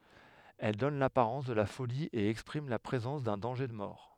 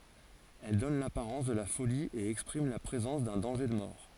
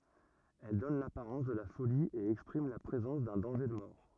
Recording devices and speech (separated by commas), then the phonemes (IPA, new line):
headset microphone, forehead accelerometer, rigid in-ear microphone, read sentence
ɛl dɔn lapaʁɑ̃s də la foli e ɛkspʁim la pʁezɑ̃s dœ̃ dɑ̃ʒe də mɔʁ